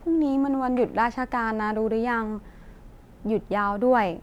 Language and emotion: Thai, neutral